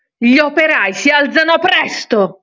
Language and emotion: Italian, angry